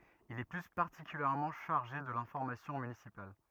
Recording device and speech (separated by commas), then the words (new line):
rigid in-ear microphone, read sentence
Il est plus particulièrement chargé de l'information municipale.